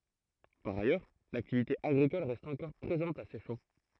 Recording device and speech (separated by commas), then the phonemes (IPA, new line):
throat microphone, read sentence
paʁ ajœʁ laktivite aɡʁikɔl ʁɛst ɑ̃kɔʁ pʁezɑ̃t a sɛʃɑ̃